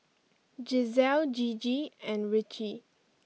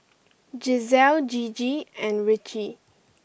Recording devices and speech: mobile phone (iPhone 6), boundary microphone (BM630), read sentence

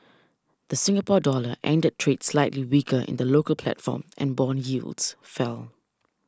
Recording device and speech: standing microphone (AKG C214), read sentence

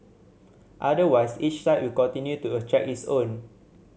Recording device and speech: mobile phone (Samsung C7100), read sentence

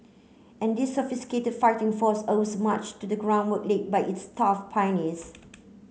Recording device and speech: mobile phone (Samsung C9), read sentence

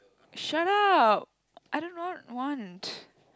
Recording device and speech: close-talking microphone, conversation in the same room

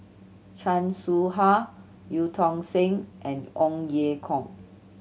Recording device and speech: mobile phone (Samsung C7100), read sentence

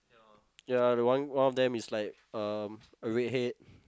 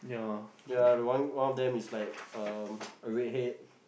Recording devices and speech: close-talking microphone, boundary microphone, conversation in the same room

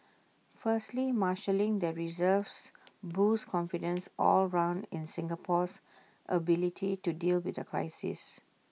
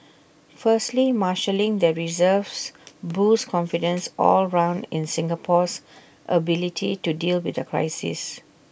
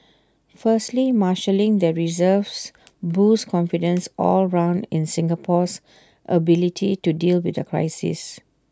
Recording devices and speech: mobile phone (iPhone 6), boundary microphone (BM630), standing microphone (AKG C214), read sentence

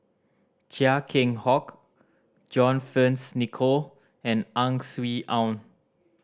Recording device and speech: standing microphone (AKG C214), read sentence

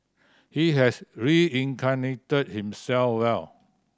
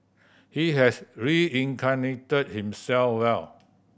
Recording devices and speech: standing microphone (AKG C214), boundary microphone (BM630), read sentence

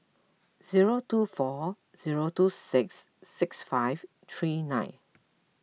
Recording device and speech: mobile phone (iPhone 6), read sentence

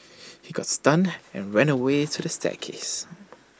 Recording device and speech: standing microphone (AKG C214), read sentence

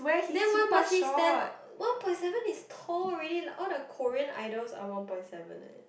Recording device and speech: boundary microphone, conversation in the same room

